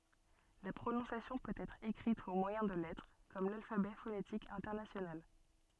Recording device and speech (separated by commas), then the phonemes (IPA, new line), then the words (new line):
soft in-ear microphone, read sentence
la pʁonɔ̃sjasjɔ̃ pøt ɛtʁ ekʁit o mwajɛ̃ də lɛtʁ kɔm lalfabɛ fonetik ɛ̃tɛʁnasjonal
La prononciation peut être écrite au moyen de lettres, comme l'alphabet phonétique international.